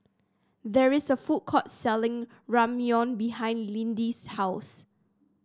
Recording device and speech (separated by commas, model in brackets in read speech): standing microphone (AKG C214), read sentence